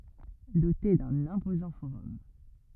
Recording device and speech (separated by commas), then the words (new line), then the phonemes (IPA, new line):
rigid in-ear microphone, read sentence
Dotée d'un imposant forum.
dote dœ̃n ɛ̃pozɑ̃ foʁɔm